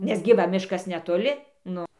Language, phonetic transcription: Lithuanian, nes gi ˈva ˈmiškas netoˈli ˈnu

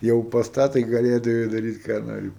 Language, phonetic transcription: Lithuanian, ˈjau pas ˈtą tai gaˈlėdavai daˈryt ką ˈnori

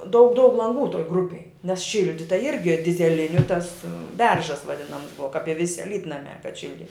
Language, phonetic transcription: Lithuanian, daug daug lanˈgų toj ˈgrupėj nes ˈšildita ˈirgi dizeˈliniu tas ˈberžas vaˈdinams ˈbuva kap i ˈvisi aˈlytnamia kad ˈšildi

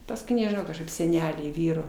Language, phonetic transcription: Lithuanian, pasˈkui nežiˈnau kažˈkaip seˈneliai ˈvyro

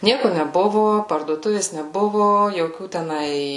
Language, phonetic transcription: Lithuanian, ˈnieku neˈbuvu parduoˈtuvės neˈbuvu joˈkių teˈnai

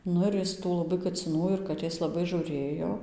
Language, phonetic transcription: Lithuanian, ˈnu ir ˈjis tų laˈbai kaciˈnų ir kaˈtės laˈbai žūˈrėjo

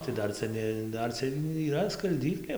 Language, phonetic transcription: Lithuanian, tai ˈdar ˈcia ne ˈdar cia yˈra skalˈdyklė

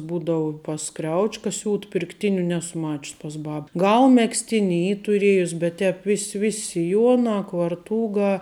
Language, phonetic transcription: Lithuanian, ˈbūdavu pas ˈkriauč'ka ˈsiūt pirkˈtiniu ˈnesu ˈmačius pas ˈbab ˈgal megzˈtini ˈy tuˈriejus bet ˈtēp ˈvis' ˈvis' siˈjuona kvarˈtūga

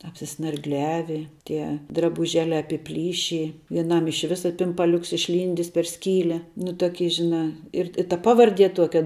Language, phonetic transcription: Lithuanian, apsisnargˈliavi ˈtie drabuˈželiā apiˈplyši vieˈnam iš ˈvisa pimpaˈliuks išˈlyndis per ˈskyle nu tuoˈky žiˈnā ir i ta ˈpavarˌdie ˈtuokia

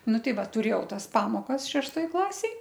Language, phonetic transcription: Lithuanian, ˈnu ˈtei ˈva tuˈrėjau ˈtas ˈpamokas šešˈtoj ˈklasėj

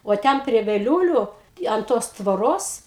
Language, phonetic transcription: Lithuanian, o ˈten prie veˈliūliu an ˈtos tvoˈros

